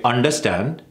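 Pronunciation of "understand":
'Understand' is pronounced incorrectly here, with the wrong rhythm.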